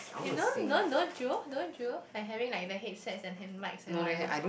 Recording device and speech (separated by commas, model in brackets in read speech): boundary microphone, conversation in the same room